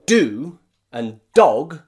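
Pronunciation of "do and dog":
In 'do' and 'dog', the d sound at the beginning is very strong.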